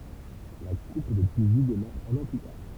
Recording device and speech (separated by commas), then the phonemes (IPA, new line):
temple vibration pickup, read sentence
la kup də tynizi demaʁ œ̃n ɑ̃ ply taʁ